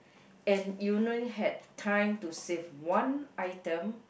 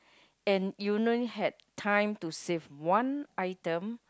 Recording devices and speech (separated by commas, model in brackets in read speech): boundary microphone, close-talking microphone, conversation in the same room